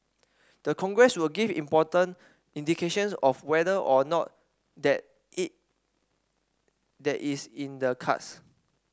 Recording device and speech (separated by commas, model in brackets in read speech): standing microphone (AKG C214), read sentence